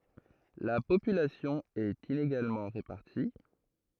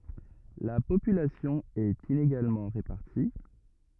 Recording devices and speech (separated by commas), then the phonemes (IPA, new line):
throat microphone, rigid in-ear microphone, read sentence
la popylasjɔ̃ ɛt ineɡalmɑ̃ ʁepaʁti